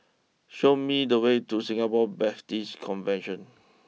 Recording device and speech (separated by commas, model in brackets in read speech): mobile phone (iPhone 6), read sentence